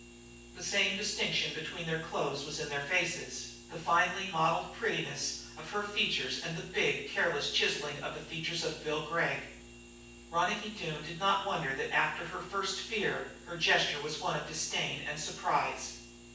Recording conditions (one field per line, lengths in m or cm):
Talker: one person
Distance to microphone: 9.8 m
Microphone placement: far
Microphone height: 1.8 m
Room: large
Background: none